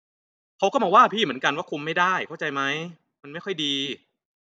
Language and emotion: Thai, angry